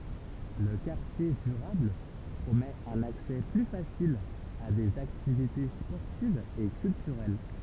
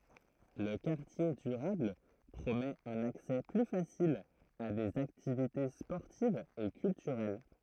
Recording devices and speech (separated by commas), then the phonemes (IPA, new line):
temple vibration pickup, throat microphone, read sentence
lə kaʁtje dyʁabl pʁomɛt œ̃n aksɛ ply fasil a dez aktivite spɔʁtivz e kyltyʁɛl